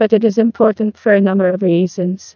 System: TTS, neural waveform model